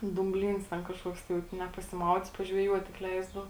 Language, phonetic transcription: Lithuanian, dūmˈblyns ten kažˈkuoks tai ˈvat ne pasiˈmaudyt pažveˈjuot tik ˈleisdau

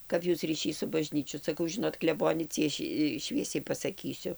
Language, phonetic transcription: Lithuanian, ˈkap ˈjūs ryˈšys su baˈžnyčiu saˈkau ˈžinot kleˈbone ˈcieši ˈšviesiai pasaˈkysiu

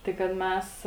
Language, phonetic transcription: Lithuanian, ˈtai kad ˈmes

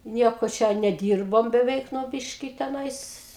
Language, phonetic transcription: Lithuanian, ˈnieko ˈčia neˈdyrbom beˈveik ˈnu ˈbiški teˈnais

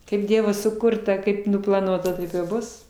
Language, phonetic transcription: Lithuanian, kaip ˈdievo suˈkurta ˈkaip nuplaˈnuota ˈtaip ir ˈbus

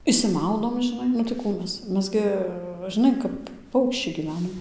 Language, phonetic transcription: Lithuanian, išsiˈmaudom žiˈnai nu tai ˈkų ˈmes ˈmes gi žiˈnai kap ˈpaukščiai gyˈvenom

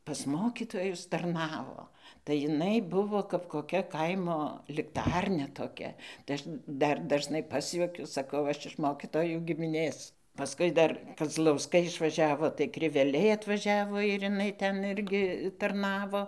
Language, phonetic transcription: Lithuanian, pas ˈmokytojus tarˈnavo tai jiˈnai buˈvo kap koˈkia ˈkaimo likˈtarnia toˈkia tai ˈaš ˈdar dažˈnai ˈpasjuokiu saˈkau ˈaš iš ˈmokytojų gimiˈnės paˈskui dar kazlauˈskai išvaˈžiavo tai kriveˈliai atvaˈžiavo ir iˈnai ˈten ˈirgi tarˈnavo

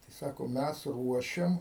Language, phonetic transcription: Lithuanian, tai ˈsako ˈmæs ˈruošiam

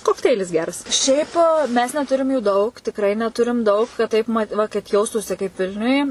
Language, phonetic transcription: Lithuanian, kokˈteilis ˈgeras ˈšiaip mes neˈturim jų ˈdaug tikˈrai neˈturim ˈdaug kad ˈtaip mat ˈva kad ˈjaustųsi kaip ˈvilniuj

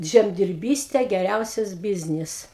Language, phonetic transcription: Lithuanian, ˌžemdirˈbyste geˈriausias ˈbiznis

